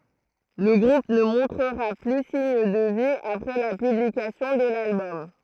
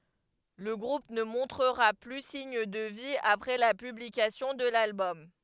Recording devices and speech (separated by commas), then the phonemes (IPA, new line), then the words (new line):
throat microphone, headset microphone, read sentence
lə ɡʁup nə mɔ̃tʁəʁa ply siɲ də vi apʁɛ la pyblikasjɔ̃ də lalbɔm
Le groupe ne montrera plus signe de vie après la publication de l'album.